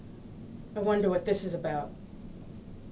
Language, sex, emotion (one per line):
English
female
disgusted